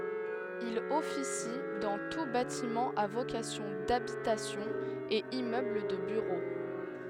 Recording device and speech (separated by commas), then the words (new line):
headset microphone, read sentence
Il officie dans tous bâtiments à vocation d'habitation et immeubles de bureaux.